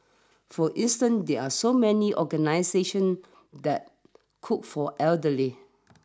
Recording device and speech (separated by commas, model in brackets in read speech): standing microphone (AKG C214), read sentence